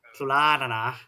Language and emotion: Thai, neutral